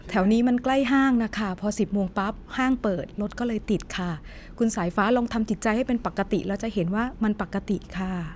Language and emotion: Thai, neutral